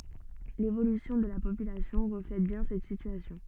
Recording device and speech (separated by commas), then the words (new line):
soft in-ear microphone, read sentence
L’évolution de la population reflète bien cette situation.